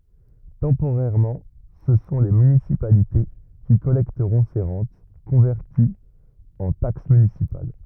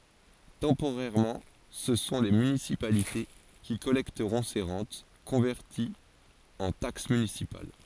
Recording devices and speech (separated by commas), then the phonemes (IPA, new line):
rigid in-ear microphone, forehead accelerometer, read sentence
tɑ̃poʁɛʁmɑ̃ sə sɔ̃ le mynisipalite ki kɔlɛktəʁɔ̃ se ʁɑ̃t kɔ̃vɛʁtiz ɑ̃ taks mynisipal